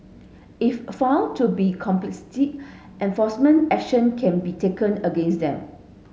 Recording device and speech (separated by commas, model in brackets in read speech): mobile phone (Samsung S8), read sentence